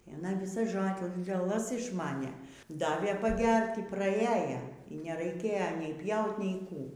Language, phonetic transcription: Lithuanian, i aˈna viˈsas žoleˈlas išˈmanė ˈdavė paˈgert' y praˈieja y neraiˈkėja nei ˈpjaut' nei ˈkų

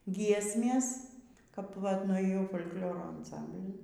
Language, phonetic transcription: Lithuanian, ˈgiesmės kap vat nuėˈjau fol' kˈlioro anˈsamblin

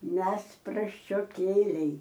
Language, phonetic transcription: Lithuanian, ˈmes prasčioˈkėliai

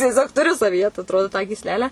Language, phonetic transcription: Lithuanian, tieˈsiog tuˈriu savyˈje ta atˈrodo tą gysˈlelę

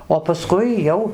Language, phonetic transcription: Lithuanian, o paˈskui ˈjau

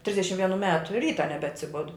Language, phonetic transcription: Lithuanian, ˈtrisdešim vieˈnų ˈmetu ˈryta nebeatsiˈbudu

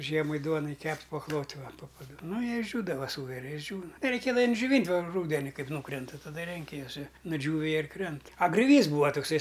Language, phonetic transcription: Lithuanian, ˈžiemai ˈduonai ˈkept' paklot' ˈva po paˈdu ˈnu jie išžiūdava ˈsūveri išˈdžiūna reiˈkėdava džioˈvynt' va ˈrūdeni ˈkaip ˈnūkrenta taˈda ˈrenki juos i nuˈdžiūvi ˈjie ir ˈkrent a grioˈvys ˈbūa tukˈsai

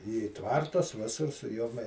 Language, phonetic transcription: Lithuanian, į ˈtvartus ˈvisur su ˈjom

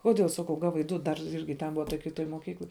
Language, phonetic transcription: Lithuanian, ˈkodėl ˈsakau ˈgavai ˈdu dar ˈirgi ten ˈbuva toj kiˈtoj moˈkykloj

